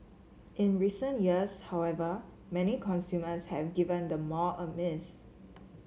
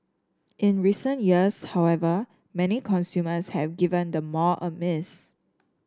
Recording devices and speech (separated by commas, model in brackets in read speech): mobile phone (Samsung C7), standing microphone (AKG C214), read sentence